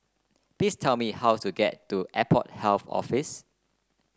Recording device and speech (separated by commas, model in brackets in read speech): close-talking microphone (WH30), read sentence